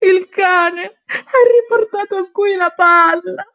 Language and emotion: Italian, sad